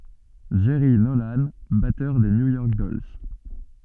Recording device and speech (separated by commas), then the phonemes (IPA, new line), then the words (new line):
soft in-ear microphone, read sentence
dʒɛʁi nolɑ̃ batœʁ də nju jɔʁk dɔls
Jerry Nolan, batteur de New York Dolls.